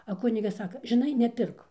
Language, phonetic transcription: Lithuanian, a ˈkunigas ˈsaka žiˈnai neˈpirk

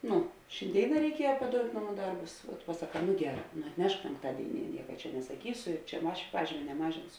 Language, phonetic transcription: Lithuanian, ˈnu šinˈdėina reiˈkieja paˈdout' ˈnaˌmų ˈdarbus pasaˈkā nu ˈgeˌrā nu atˈnešk penkˈtadėiˌnie ˈnieka čia nesaˈkysu i čia ˈaš ˈpažymė neˈmažinsu

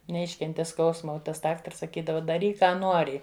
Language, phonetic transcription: Lithuanian, neˈiškenti ˈskausma o ˈtas ˈdaktars saˈkydava daˈryk ˈką ˈnuori

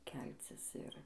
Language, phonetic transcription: Lithuanian, ˈkelcis ˈir

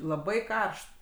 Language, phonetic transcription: Lithuanian, laˈbai ˈkaršt

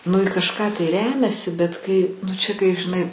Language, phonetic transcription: Lithuanian, nu i kažˈką tai ˈremiasi bet ˈkai nu ˈčia kai žiˈnai

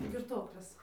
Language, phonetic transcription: Lithuanian, girˈtoklės

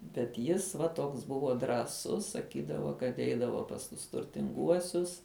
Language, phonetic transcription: Lithuanian, bet ˈjis va ˈtoks ˈbuvo drąˈsus saˈkydavo kad ˈeidavo pas ˈtus turtinˈguosius

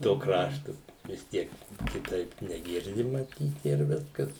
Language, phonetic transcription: Lithuanian, to ˈkraštu vis ˈtiek kiˈtaip neˈgirdi maˈtyt ir ˈviskas

